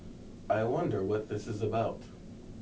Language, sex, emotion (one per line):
English
male
neutral